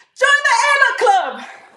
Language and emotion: English, surprised